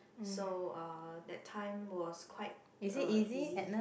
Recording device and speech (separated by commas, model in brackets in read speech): boundary microphone, conversation in the same room